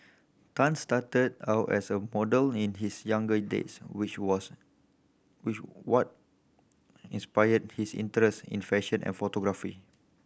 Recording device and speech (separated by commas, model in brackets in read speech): boundary microphone (BM630), read sentence